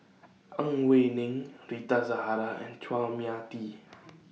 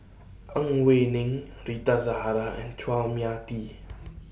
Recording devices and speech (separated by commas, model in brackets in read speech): mobile phone (iPhone 6), boundary microphone (BM630), read sentence